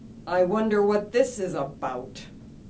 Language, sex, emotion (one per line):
English
female
disgusted